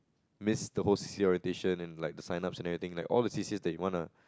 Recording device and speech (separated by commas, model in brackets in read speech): close-talking microphone, conversation in the same room